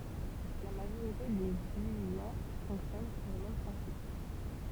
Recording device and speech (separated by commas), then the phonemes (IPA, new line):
temple vibration pickup, read sentence
la maʒoʁite de zyijɛ̃ fɔ̃ksjɔn syʁ lə mɛm pʁɛ̃sip